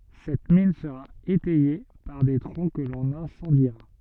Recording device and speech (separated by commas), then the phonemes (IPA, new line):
soft in-ear microphone, read sentence
sɛt min səʁa etɛje paʁ de tʁɔ̃ kə lɔ̃n ɛ̃sɑ̃diʁa